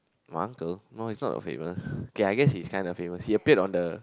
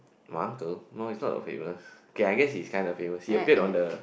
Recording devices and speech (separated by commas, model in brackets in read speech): close-talking microphone, boundary microphone, conversation in the same room